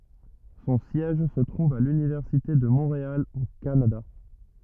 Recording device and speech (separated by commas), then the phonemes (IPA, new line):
rigid in-ear microphone, read sentence
sɔ̃ sjɛʒ sə tʁuv a lynivɛʁsite də mɔ̃ʁeal o kanada